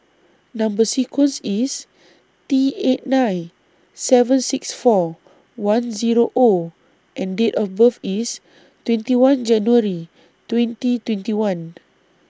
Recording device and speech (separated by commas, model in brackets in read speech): standing microphone (AKG C214), read sentence